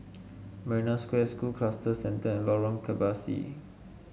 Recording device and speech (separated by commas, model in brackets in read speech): mobile phone (Samsung S8), read sentence